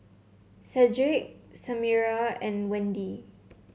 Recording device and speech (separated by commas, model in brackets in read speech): mobile phone (Samsung C7), read sentence